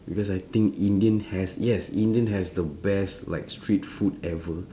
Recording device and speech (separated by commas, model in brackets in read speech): standing microphone, conversation in separate rooms